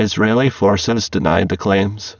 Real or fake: fake